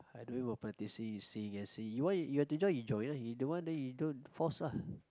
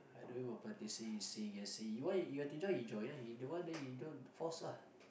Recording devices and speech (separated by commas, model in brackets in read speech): close-talking microphone, boundary microphone, conversation in the same room